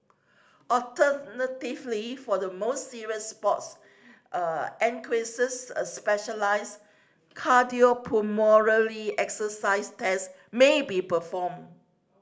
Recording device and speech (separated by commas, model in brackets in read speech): standing microphone (AKG C214), read sentence